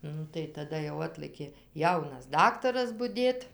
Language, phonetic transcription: Lithuanian, ˈnu tai taˈda jau ˈatlɘkė ˈjaunas ˈdaktaras buˈdėt

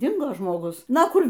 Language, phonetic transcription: Lithuanian, ˈdingo žmoˈgus ˈna ˈkur

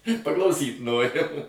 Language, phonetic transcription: Lithuanian, paklauˈsyt ˈnorim

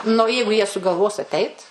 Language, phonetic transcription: Lithuanian, nu o ˈjeigu jie sugalˈvos aˈteit

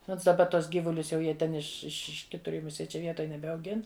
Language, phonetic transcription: Lithuanian, ˈnons daˈba ˈtuos ˈgyvulius jau ˈjie ten iš iš ˈiš ˈkitur im ˈjau muˈsie ˈčia ˈvietoj nebeauˈgin

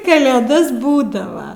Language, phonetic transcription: Lithuanian, kalėˈdas ˈbūdava

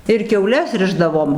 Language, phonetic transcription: Lithuanian, ir kiauˈles ˈrišdavom

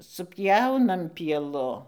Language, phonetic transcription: Lithuanian, supˈjaunam pieˈlu

